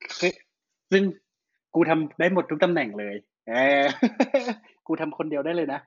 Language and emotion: Thai, happy